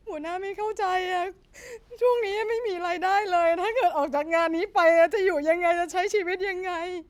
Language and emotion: Thai, sad